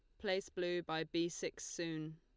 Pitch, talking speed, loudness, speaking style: 170 Hz, 185 wpm, -41 LUFS, Lombard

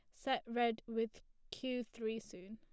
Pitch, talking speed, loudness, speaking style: 230 Hz, 155 wpm, -40 LUFS, plain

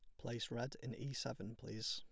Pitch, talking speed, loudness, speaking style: 120 Hz, 210 wpm, -45 LUFS, plain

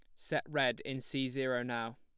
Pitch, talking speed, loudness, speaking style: 130 Hz, 200 wpm, -35 LUFS, plain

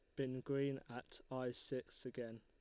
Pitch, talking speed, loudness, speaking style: 130 Hz, 165 wpm, -45 LUFS, Lombard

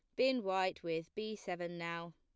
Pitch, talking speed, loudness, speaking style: 175 Hz, 185 wpm, -38 LUFS, plain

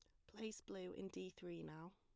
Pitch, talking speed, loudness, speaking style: 170 Hz, 215 wpm, -52 LUFS, plain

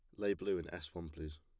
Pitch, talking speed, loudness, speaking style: 85 Hz, 300 wpm, -41 LUFS, plain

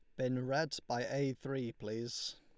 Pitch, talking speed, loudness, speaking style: 130 Hz, 165 wpm, -38 LUFS, Lombard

